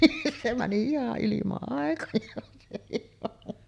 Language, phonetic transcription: Finnish, se mäni 'iha’ ’ilima’ ’àekoj̆jaan 'sehir raha .
- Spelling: se meni ihan ilman aikojaan sekin raha

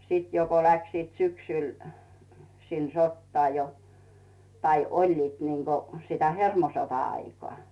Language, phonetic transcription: Finnish, 'siit jo ko läksiit syksỳl , sin sottaa jo , tai "oĺliit niŋGo , sitä 'hermosota₍aikoa .
- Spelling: sitten jo kun lähtivät syksyllä sinne sotaan jo tai olivat niin kuin sitä hermosota-aikaa

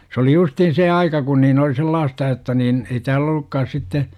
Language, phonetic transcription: Finnish, s ‿oli 'justiin "see aika kun niin oli "sellaasta jotta niin , ei 'tääl ‿ol̆lukkaas 'sitte , .
- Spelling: se oli justiin se aika kun niin oli sellaista jotta niin ei täällä ollutkaan sitten

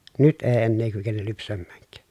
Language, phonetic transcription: Finnish, nyt ee ennee kykenel lypsämmääŋk̀ää .
- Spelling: nyt ei enää kykene lypsämäänkään

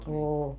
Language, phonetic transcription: Finnish, "ò .
- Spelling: on

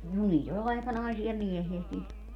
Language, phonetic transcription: Finnish, no 'niit ‿o'l ‿àikanaisi₍a "miehi₍ä sit niit .
- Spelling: no niitä oli aikanaisia miehiä sitten niitä

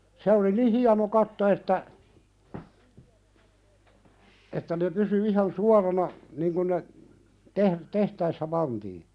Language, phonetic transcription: Finnish, 'se oli "ni 'hiano 'katto että , että ne pysy ihan "suarana , 'niŋ kun ne , "teh- "tehtäissä 'pantii .
- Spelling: se oli niin hieno katto että että ne pysyi ihan suorana niin kun ne - tehtäessä pantiin

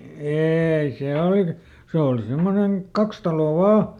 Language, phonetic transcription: Finnish, ˈeei "sè olik- , ˈse òli ˈsimmoneŋ "kaks taloo "vaa .
- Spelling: ei se - se oli semmoinen kaksi taloa vain

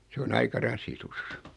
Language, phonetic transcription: Finnish, 'se on 'aika "rasitus .
- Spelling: se on aika rasitus

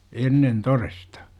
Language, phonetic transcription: Finnish, 'ennen "toresta .
- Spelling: ennen todesta

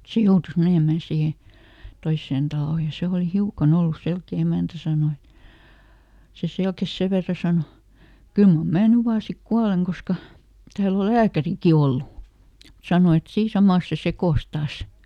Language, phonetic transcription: Finnish, "se joutus ˈmenèmän ˈsiihe , ˈtoissen ˈtalò ja ˈse òli "hiukaˈn ‿ollus ˈselkè "emä̀ntä sàno et , » se ˈselkes "sev verra ˈsano , ˈkyl mam "mää ny vaa ˈsik "kualeŋ ˈkoska , ˈtääl ‿ol "lääkäriki ˈollu » , ˈsano et » ˈsii "samàs se ˈsekòs ˈtaas » .
- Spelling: se joutui menemään siihen toiseen taloon ja se oli hiukan ollut selkeä emäntä sanoi että se selkesi sen verran sanoi kyllä mar minä nyt vain sitten kuolen koska täällä on lääkärikin ollut sanoi että siinä samassa se sekosi taas

